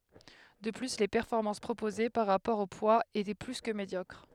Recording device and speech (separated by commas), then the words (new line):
headset microphone, read sentence
De plus, les performances proposées, par rapport au poids étaient plus que médiocres.